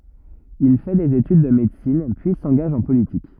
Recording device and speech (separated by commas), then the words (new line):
rigid in-ear microphone, read sentence
Il fait des études de médecine, puis s'engage en politique.